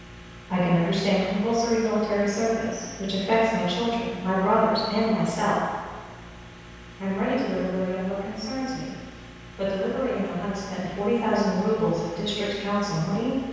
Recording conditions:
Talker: one person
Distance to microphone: 7.1 m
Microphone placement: far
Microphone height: 1.7 m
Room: very reverberant, large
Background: none

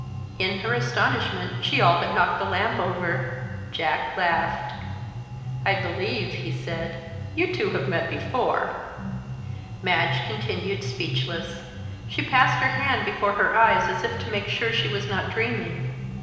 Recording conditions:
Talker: one person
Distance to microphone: 1.7 m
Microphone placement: close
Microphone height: 1.0 m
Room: very reverberant, large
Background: music

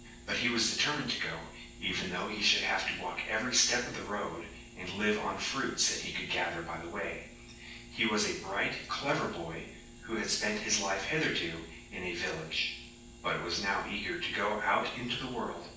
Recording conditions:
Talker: one person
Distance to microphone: 9.8 m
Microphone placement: far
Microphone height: 1.8 m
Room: large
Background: none

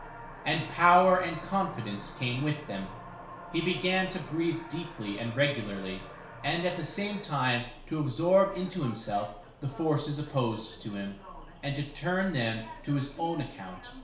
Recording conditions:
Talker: one person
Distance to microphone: 1.0 m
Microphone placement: close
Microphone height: 1.1 m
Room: small (3.7 m by 2.7 m)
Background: television

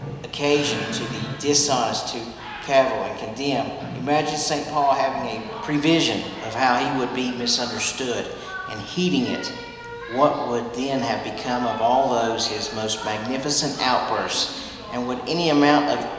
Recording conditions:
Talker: one person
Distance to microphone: 1.7 m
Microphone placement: close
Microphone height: 1.0 m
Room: very reverberant, large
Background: television

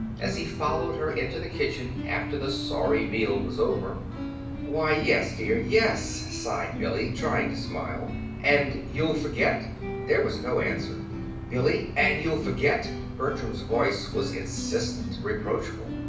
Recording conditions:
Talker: one person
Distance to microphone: 5.8 m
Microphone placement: far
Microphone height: 1.8 m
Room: medium-sized (5.7 m by 4.0 m)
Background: music

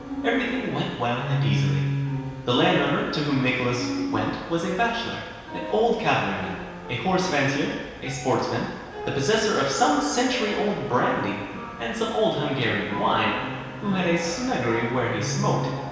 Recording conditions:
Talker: one person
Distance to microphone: 1.7 m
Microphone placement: close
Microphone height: 1.0 m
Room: very reverberant, large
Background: music

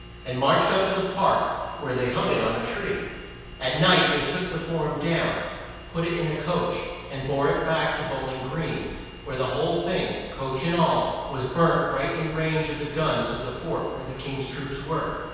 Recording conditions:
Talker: one person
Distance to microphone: 7.1 m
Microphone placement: far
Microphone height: 1.7 m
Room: very reverberant, large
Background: none

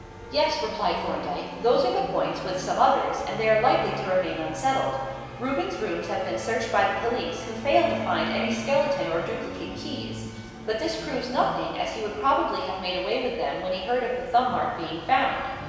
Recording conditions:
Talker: one person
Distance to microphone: 1.7 m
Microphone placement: close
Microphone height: 1.0 m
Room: very reverberant, large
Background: music

